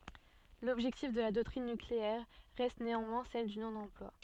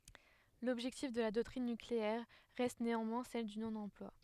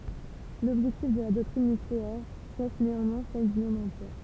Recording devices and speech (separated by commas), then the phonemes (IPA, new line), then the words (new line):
soft in-ear microphone, headset microphone, temple vibration pickup, read sentence
lɔbʒɛktif də la dɔktʁin nykleɛʁ ʁɛst neɑ̃mwɛ̃ sɛl dy nonɑ̃plwa
L'objectif de la doctrine nucléaire reste néanmoins celle du non-emploi.